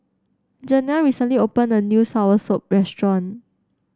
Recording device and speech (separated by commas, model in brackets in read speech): standing microphone (AKG C214), read sentence